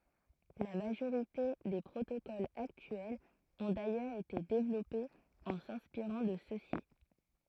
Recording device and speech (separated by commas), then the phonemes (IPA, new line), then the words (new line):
throat microphone, read sentence
la maʒoʁite de pʁotokolz aktyɛlz ɔ̃ dajœʁz ete devlɔpez ɑ̃ sɛ̃spiʁɑ̃ də søksi
La majorité des protocoles actuels ont d'ailleurs été développés en s'inspirant de ceux-ci.